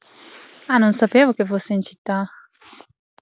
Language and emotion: Italian, surprised